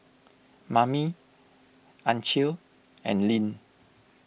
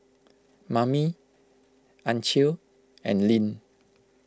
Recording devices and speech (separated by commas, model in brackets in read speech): boundary microphone (BM630), close-talking microphone (WH20), read sentence